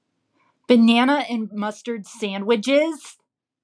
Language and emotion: English, disgusted